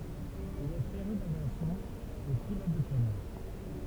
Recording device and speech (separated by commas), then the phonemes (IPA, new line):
temple vibration pickup, read sentence
il ɛ feʁy davjasjɔ̃ e pilɔt də planœʁ